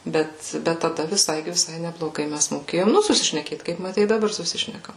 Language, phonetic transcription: Lithuanian, ˈbet ˈbet taˈda viˈsai viˈsai nebloˈgai ˈmes moˈkėjom ˈnu susišneˈkėt kaip maˈtei i daˈbar suˈsišnekam

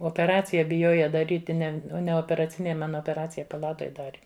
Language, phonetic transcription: Lithuanian, opeˈracija biˈjoja daˈryti ˈne ne operaˈcinėj ˈman opeˈracija paˈlatoj ˈdari

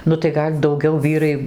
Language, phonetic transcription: Lithuanian, nu tai ˈgal' dauˈgiau ˈvyrai

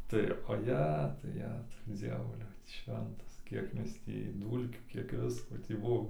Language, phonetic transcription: Lithuanian, tai oˈjetu ˈjetu ˈdzievuliau ˈšventas ˈkiek ˈmes tį ˈdūlkių ˈkiek ˈvisko tį ˈbuo

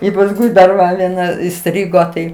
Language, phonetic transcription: Lithuanian, i pasˈkui dar ˈva vieˈna iˈstrigo tai

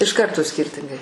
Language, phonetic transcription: Lithuanian, iš ˈkarto ˈskirtingai

